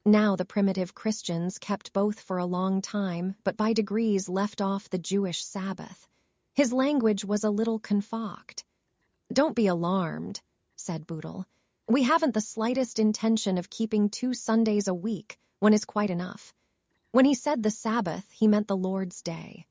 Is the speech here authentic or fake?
fake